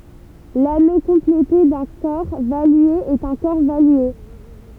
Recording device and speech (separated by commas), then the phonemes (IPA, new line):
temple vibration pickup, read sentence
lano kɔ̃plete dœ̃ kɔʁ valye ɛt œ̃ kɔʁ valye